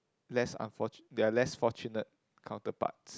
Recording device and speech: close-talking microphone, conversation in the same room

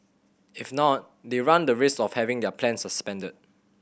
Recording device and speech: boundary microphone (BM630), read sentence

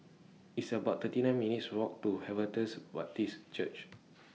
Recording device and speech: mobile phone (iPhone 6), read sentence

